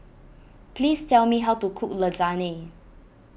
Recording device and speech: boundary microphone (BM630), read sentence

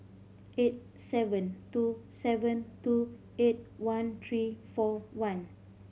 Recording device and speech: mobile phone (Samsung C5010), read sentence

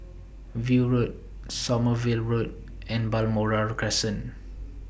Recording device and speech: boundary microphone (BM630), read sentence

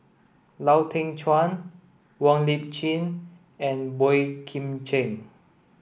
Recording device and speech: boundary microphone (BM630), read sentence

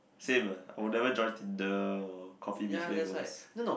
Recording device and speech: boundary microphone, conversation in the same room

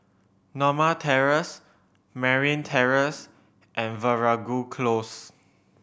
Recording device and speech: boundary microphone (BM630), read sentence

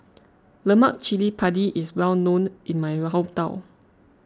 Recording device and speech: close-talking microphone (WH20), read sentence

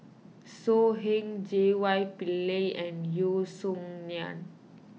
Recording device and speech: mobile phone (iPhone 6), read sentence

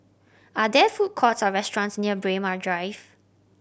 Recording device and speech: boundary microphone (BM630), read sentence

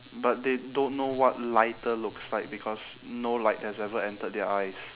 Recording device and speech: telephone, conversation in separate rooms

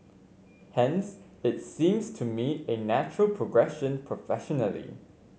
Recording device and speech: mobile phone (Samsung C5), read sentence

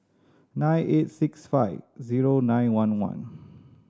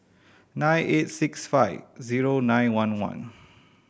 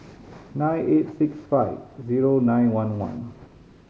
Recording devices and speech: standing microphone (AKG C214), boundary microphone (BM630), mobile phone (Samsung C5010), read sentence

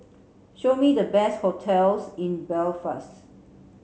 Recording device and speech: mobile phone (Samsung C7), read sentence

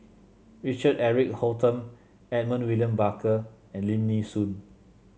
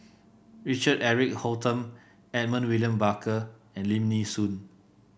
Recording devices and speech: mobile phone (Samsung C7), boundary microphone (BM630), read sentence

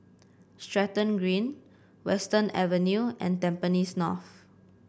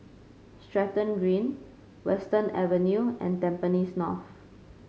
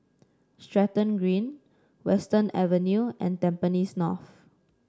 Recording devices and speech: boundary microphone (BM630), mobile phone (Samsung C5), standing microphone (AKG C214), read sentence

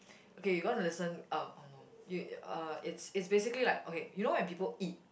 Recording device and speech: boundary microphone, conversation in the same room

